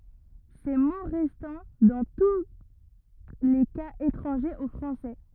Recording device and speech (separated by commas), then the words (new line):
rigid in-ear microphone, read sentence
Ces mots restant dans tous les cas étrangers au français.